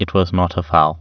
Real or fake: real